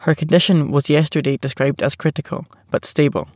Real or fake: real